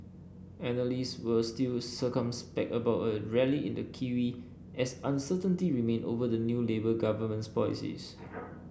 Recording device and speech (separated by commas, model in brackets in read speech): boundary microphone (BM630), read sentence